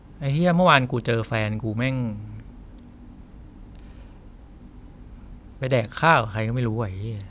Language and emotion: Thai, frustrated